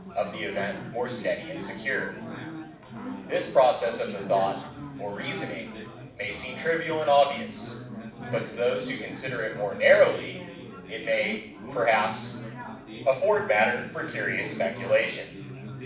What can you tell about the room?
A mid-sized room.